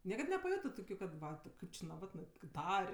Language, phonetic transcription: Lithuanian, ˈniekad nepaˈjotɜ ˈtokiu kad ˈva ti ˈkaip či naˈvatnɜ kaip ˈtar'

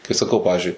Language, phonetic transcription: Lithuanian, kai saˈkau ˈpavizdžiui

